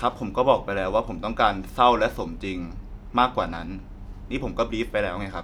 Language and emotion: Thai, neutral